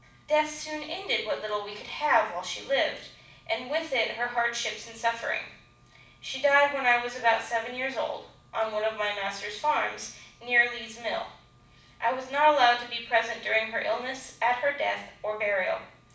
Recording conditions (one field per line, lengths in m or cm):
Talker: one person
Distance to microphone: 5.8 m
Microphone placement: far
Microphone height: 1.8 m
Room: medium-sized (5.7 m by 4.0 m)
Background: none